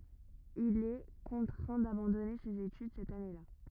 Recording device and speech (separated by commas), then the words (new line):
rigid in-ear microphone, read sentence
Il est contraint d'abandonner ses études cette année-là.